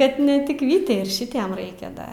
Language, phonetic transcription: Lithuanian, ˈkad ne tik ˈvytei ir ˈšitiem ˈraikia ˈda

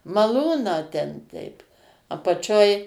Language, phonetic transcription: Lithuanian, maˈlūną ten ˈteip apaˈčioj

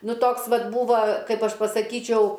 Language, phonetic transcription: Lithuanian, ˈnuˈ toks ˈvat ˈbūva ˈkaip ˈaš pasaˈkyčiau

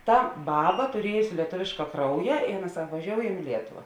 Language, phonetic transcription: Lithuanian, ˈta ˈbaba tuˈriejusi lieˈtuviška ˈkrauja i ˈaˌna ˈsak vaˈžioujam i ˈlietuva

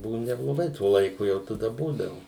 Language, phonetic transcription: Lithuanian, ˈbuvu nebloˈgai ˈtuo laiˈku ˈjau taˈda ˈbūdavu

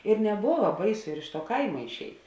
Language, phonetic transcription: Lithuanian, ir neˈbova ˈbaiˌsu ir iš tuo ˈkaima išˈeit

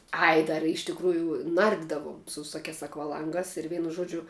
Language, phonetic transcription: Lithuanian, ˈai ˈdar i iš tikˈrųju ˈnardidavom su viˈsokiās akvaˈlangās ir ˈveinu ˈžuodžiu

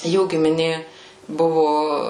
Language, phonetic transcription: Lithuanian, ˈjų gimiˈnė ˈbuvu

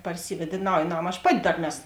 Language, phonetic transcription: Lithuanian, parˈsyved i ˈnauj ˈnam aš ˈpati ˈdar ˈnes

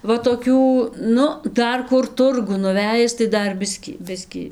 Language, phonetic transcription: Lithuanian, ˈva toˈkių ˈnu ˈdar ˈkur ˈturgun nuˈvejis tai ˈdar ˈbiskį ˈbiskį

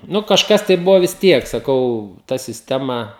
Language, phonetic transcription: Lithuanian, ˈnu kažˈkas tai ˈbuvo vis ˈtiek saˈkau ˈta sisˈtema

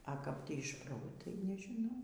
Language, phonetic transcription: Lithuanian, a kap ˈtį iš ˈpro ˈtai nežiˈnau

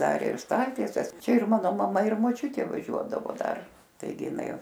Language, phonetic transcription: Lithuanian, ˈdar ir ˈstaltieses ˈčia ir ˈmano maˈma ir moˈčiutė vaˈžiuodavo ˈdar taiˈgi iˈnai

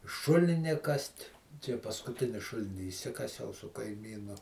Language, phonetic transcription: Lithuanian, ˈšulini ˈkast' ˈčia paskuˈtini ˈšulini išˈsikasiau su kaiˈmynu

